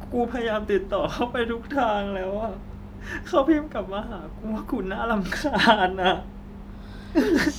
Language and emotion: Thai, sad